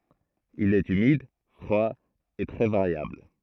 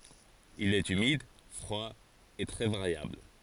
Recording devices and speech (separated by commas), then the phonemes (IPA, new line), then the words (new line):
throat microphone, forehead accelerometer, read sentence
il ɛt ymid fʁwa e tʁɛ vaʁjabl
Il est humide, froid et très variable.